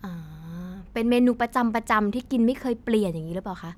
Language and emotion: Thai, neutral